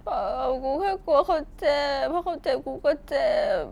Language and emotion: Thai, sad